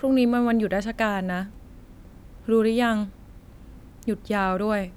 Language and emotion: Thai, neutral